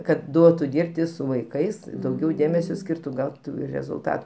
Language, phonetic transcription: Lithuanian, kad ˈduotu ˈdyrbti su vaiˈkais i dauˈgiau ˈdėmesio ˈskyrtu ˈgautu rezulˈtat

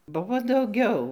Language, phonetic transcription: Lithuanian, ˈbuvo dauˈgiau

